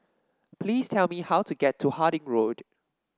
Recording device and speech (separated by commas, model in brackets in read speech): standing microphone (AKG C214), read sentence